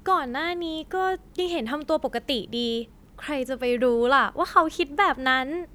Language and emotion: Thai, happy